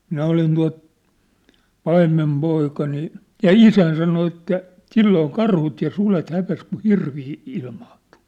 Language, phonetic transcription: Finnish, 'minä olin tua̭t , 'paimmem'poika nii , ja "isäin sano että , "silloo "karhut ja 'sulet 'häp̳es kuʰ "hirvii , 'ilmaantᴜ .
- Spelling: minä olin tuota paimenpoika niin ja isäni sanoi että silloin karhut ja sudet hävisi kun hirviä ilmaantui

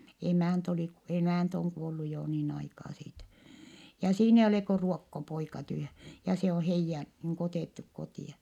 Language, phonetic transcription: Finnish, emä̀nt ‿olì (k-) , emä̀nt ‿oŋ kuollu jo niin aikaa siitä , ja siin ‿eij ‿olè ko ruokkopoika tyhä , ja se o heijjä , niiŋ ku otèttuk kotì₍a .
- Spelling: emäntä oli - emäntä on kuollut jo niin aikaa siitä ja siinä ei ole kuin ruokkopoika tyhjän ja se on heidän niin kuin otettu kotia

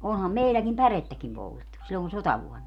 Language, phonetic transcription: Finnish, 'oonham 'meilläkim "pärettäkim 'poltettu , sillon "sotavuɔnna .
- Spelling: onhan meilläkin pärettäkin poltettu silloin sotavuonna

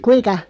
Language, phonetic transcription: Finnish, kuiᵑka ?
- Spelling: kuinka

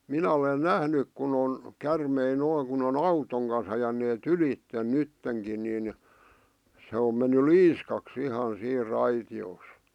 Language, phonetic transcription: Finnish, 'minä olen 'nähnyk kun ‿on , 'kärmei 'noiŋ kun ‿on "autoŋ kans ajanee"t ‿ylitten "nytteŋkin nin , se om menny "liiskak's ‿ihan siir 'raiti₍oos .
- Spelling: minä olen nähnyt kun on käärmeitä noin kun on auton kanssa ajaneet ylitse nyttenkin niin se on mennyt liiskaksi ihan siinä raitiossa

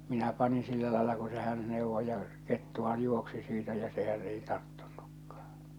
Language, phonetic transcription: Finnish, 'minä 'panin 'sillä laela ku se 'hän 'nèuvvo ja , 'kettuhaj 'juoksi siitä ja sehän 'ei 'tarttᴜɴɴᴜkkᴀᴀ .
- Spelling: minä panin sillä lailla kun se hän neuvoi ja kettuhan juoksi siitä ja sehän ei tarttunutkaan

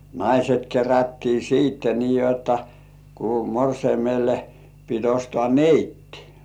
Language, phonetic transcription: Finnish, naiset kerättii 'siitte nii jotta , ku 'morseimelle pit 'ostŏà "neittɪ .
- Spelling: naiset kerättiin sitten niin jotta kun morsiamelle piti ostaa neitti

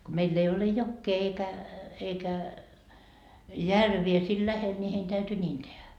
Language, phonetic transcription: Finnish, ko 'meill ‿ei ole "jokkee eikä , eikä , "järvie siil 'lähel ńi hein täyty 'ńiin tehä .
- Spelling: kun meillä ei ole jokea eikä eikä järviä siinä lähellä niin heidän täytyi niin tehdä

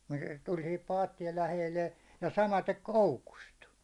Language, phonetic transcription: Finnish, (se) tuĺ sihip 'paattiel 'läheille , ja 'samatek "hcukust .
- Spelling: se tuli siihen paattien lähelle ja samaten koukusta

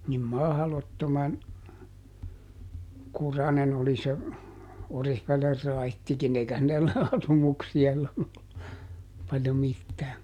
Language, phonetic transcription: Finnish, nim "mahlottoman , "kuranen ‿oli se , ˈOrihveler ˈraittikin ˈeikä (siellä , ˈasumuksi₍a sillon ‿ollu) , paljo ˈmittää .
- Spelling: niin mahdottoman kurainen oli se Oriveden raittikin eikä siellä asumuksia silloin ollut paljon mitään

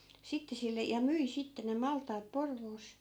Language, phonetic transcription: Finnish, 'sitte sille , ja 'myi sitte ne 'malt̆taat "Porvoos .
- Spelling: sitten sille ja myi sitten ne maltaat Porvoossa

